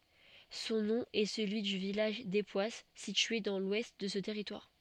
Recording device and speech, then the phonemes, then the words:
soft in-ear microphone, read sentence
sɔ̃ nɔ̃ ɛ səlyi dy vilaʒ depwas sitye dɑ̃ lwɛst də sə tɛʁitwaʁ
Son nom est celui du village d'Époisses, situé dans l'ouest de ce territoire.

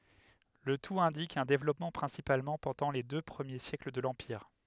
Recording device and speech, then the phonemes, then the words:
headset microphone, read sentence
lə tut ɛ̃dik œ̃ devlɔpmɑ̃ pʁɛ̃sipalmɑ̃ pɑ̃dɑ̃ le dø pʁəmje sjɛkl də lɑ̃piʁ
Le tout indique un développement principalement pendant les deux premiers siècles de l'empire.

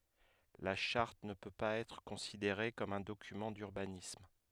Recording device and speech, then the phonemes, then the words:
headset microphone, read sentence
la ʃaʁt nə pø paz ɛtʁ kɔ̃sideʁe kɔm œ̃ dokymɑ̃ dyʁbanism
La charte ne peut pas être considérée comme un document d’urbanisme.

